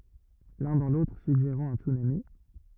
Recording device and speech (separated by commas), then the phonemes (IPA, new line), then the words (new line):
rigid in-ear microphone, read sentence
lœ̃ dɑ̃ lotʁ syɡʒeʁɑ̃ œ̃ tsynami
L'un dans l'autre suggérant un tsunami.